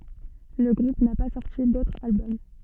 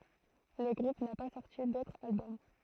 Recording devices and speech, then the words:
soft in-ear microphone, throat microphone, read sentence
Le groupe n'a pas sorti d'autre album.

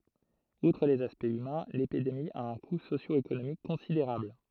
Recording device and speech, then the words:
throat microphone, read sentence
Outre les aspects humains, l’épidémie a un coût socio-économique considérable.

